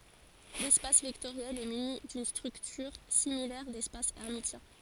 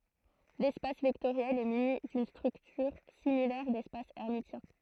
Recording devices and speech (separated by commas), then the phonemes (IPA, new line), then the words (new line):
forehead accelerometer, throat microphone, read sentence
lɛspas vɛktoʁjɛl ɛ myni dyn stʁyktyʁ similɛʁ dɛspas ɛʁmisjɛ̃
L'espace vectoriel est muni d'une structure similaire d'espace hermitien.